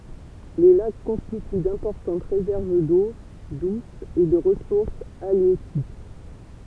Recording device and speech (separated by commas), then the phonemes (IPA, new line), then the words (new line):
temple vibration pickup, read sentence
le lak kɔ̃stity dɛ̃pɔʁtɑ̃t ʁezɛʁv do dus e də ʁəsuʁs aljøtik
Les lacs constituent d'importantes réserves d'eau douce et de ressources halieutiques.